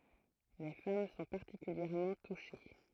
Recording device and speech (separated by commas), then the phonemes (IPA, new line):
throat microphone, read sentence
le fam sɔ̃ paʁtikyljɛʁmɑ̃ tuʃe